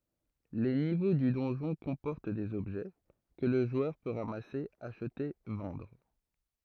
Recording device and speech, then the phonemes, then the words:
throat microphone, read sentence
le nivo dy dɔ̃ʒɔ̃ kɔ̃pɔʁt dez ɔbʒɛ kə lə ʒwœʁ pø ʁamase aʃte vɑ̃dʁ
Les niveaux du donjon comportent des objets, que le joueur peut ramasser, acheter, vendre.

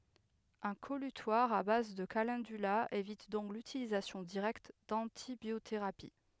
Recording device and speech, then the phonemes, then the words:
headset microphone, read sentence
œ̃ kɔlytwaʁ a baz də kalɑ̃dyla evit dɔ̃k lytilizasjɔ̃ diʁɛkt dɑ̃tibjoteʁapi
Un collutoire à base de calendula évite donc l'utilisation directe d'antibiothérapie.

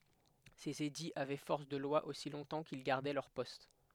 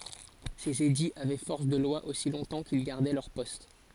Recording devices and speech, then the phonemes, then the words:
headset microphone, forehead accelerometer, read sentence
sez ediz avɛ fɔʁs də lwa osi lɔ̃tɑ̃ kil ɡaʁdɛ lœʁ pɔst
Ces édits avaient force de loi aussi longtemps qu'ils gardaient leur poste.

